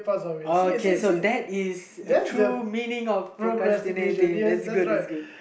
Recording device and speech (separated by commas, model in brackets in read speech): boundary microphone, conversation in the same room